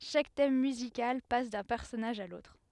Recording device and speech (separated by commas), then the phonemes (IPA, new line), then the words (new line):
headset microphone, read sentence
ʃak tɛm myzikal pas dœ̃ pɛʁsɔnaʒ a lotʁ
Chaque thème musical passe d'un personnage à l'autre.